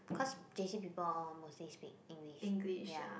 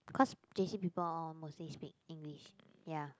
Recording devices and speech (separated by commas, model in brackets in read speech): boundary microphone, close-talking microphone, conversation in the same room